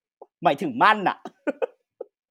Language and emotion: Thai, happy